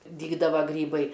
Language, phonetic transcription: Lithuanian, ˈdygdava ˈgrybai

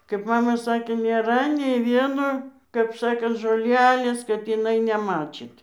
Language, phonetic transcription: Lithuanian, kaip ˈmama ˈsakė nėˈra nei ˈvieno kap ˈsakant žoˈlelės kad iˈnai neˈmačyt

